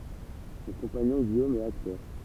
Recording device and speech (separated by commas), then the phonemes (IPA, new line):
temple vibration pickup, read sentence
sɔ̃ kɔ̃paɲɔ̃ ɡijom ɛt aktœʁ